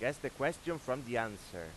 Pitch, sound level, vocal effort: 125 Hz, 93 dB SPL, loud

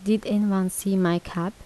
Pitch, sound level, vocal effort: 195 Hz, 79 dB SPL, soft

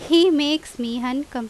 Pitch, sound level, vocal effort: 290 Hz, 90 dB SPL, very loud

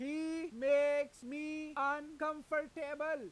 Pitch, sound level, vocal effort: 300 Hz, 101 dB SPL, very loud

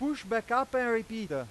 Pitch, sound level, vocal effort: 230 Hz, 101 dB SPL, very loud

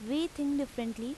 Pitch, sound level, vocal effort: 275 Hz, 86 dB SPL, loud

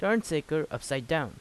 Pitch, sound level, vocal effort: 155 Hz, 86 dB SPL, normal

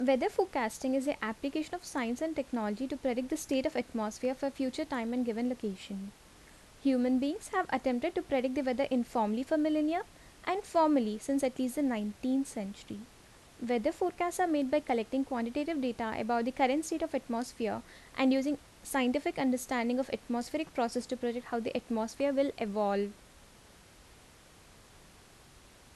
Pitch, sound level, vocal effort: 255 Hz, 79 dB SPL, normal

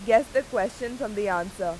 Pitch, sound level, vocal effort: 225 Hz, 93 dB SPL, very loud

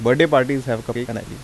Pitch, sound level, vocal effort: 120 Hz, 86 dB SPL, normal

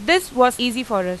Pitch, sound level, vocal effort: 250 Hz, 93 dB SPL, loud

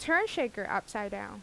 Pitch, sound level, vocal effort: 215 Hz, 86 dB SPL, loud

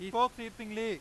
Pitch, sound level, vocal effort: 225 Hz, 103 dB SPL, very loud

